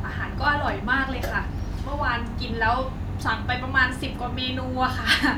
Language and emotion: Thai, happy